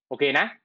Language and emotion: Thai, neutral